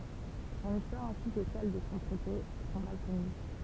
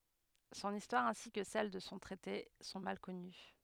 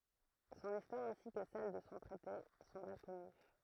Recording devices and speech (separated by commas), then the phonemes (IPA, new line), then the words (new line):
temple vibration pickup, headset microphone, throat microphone, read sentence
sɔ̃n istwaʁ ɛ̃si kə sɛl də sɔ̃ tʁɛte sɔ̃ mal kɔny
Son histoire ainsi que celle de son traité sont mal connues.